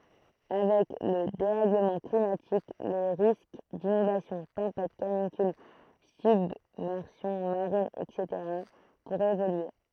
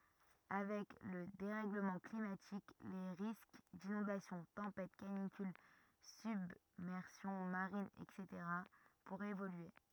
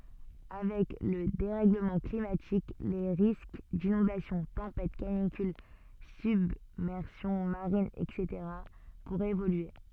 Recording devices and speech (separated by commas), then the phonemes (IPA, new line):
throat microphone, rigid in-ear microphone, soft in-ear microphone, read sentence
avɛk lə deʁɛɡləmɑ̃ klimatik le ʁisk dinɔ̃dasjɔ̃ tɑ̃pɛt kanikyl sybmɛʁsjɔ̃ maʁin ɛtseteʁa puʁɛt evolye